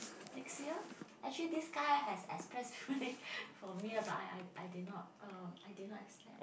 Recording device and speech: boundary microphone, conversation in the same room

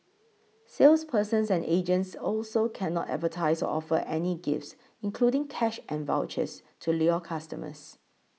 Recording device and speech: mobile phone (iPhone 6), read sentence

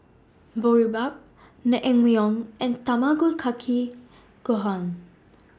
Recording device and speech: standing microphone (AKG C214), read sentence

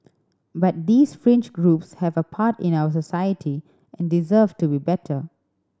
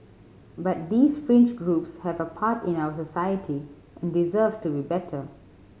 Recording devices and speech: standing microphone (AKG C214), mobile phone (Samsung C5010), read sentence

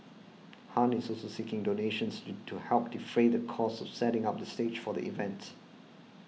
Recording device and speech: mobile phone (iPhone 6), read sentence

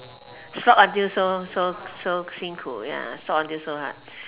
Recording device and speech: telephone, conversation in separate rooms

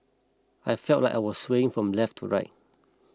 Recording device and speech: close-talking microphone (WH20), read sentence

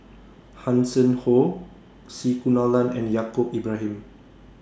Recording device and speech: standing microphone (AKG C214), read sentence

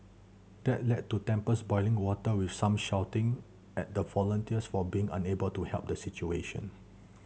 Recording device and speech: mobile phone (Samsung C7100), read sentence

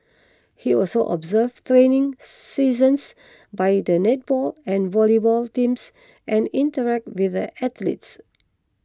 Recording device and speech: close-talking microphone (WH20), read sentence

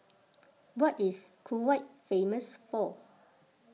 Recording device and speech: mobile phone (iPhone 6), read sentence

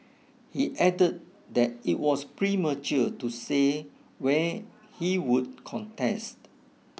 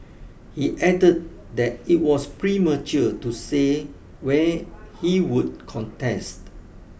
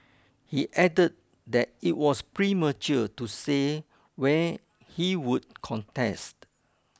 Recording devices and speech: mobile phone (iPhone 6), boundary microphone (BM630), close-talking microphone (WH20), read sentence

